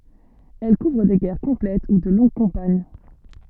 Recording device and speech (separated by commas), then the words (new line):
soft in-ear microphone, read sentence
Elles couvrent des guerres complètes ou de longues campagnes.